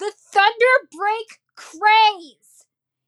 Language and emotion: English, angry